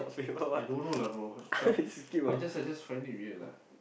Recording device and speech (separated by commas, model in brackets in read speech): boundary microphone, conversation in the same room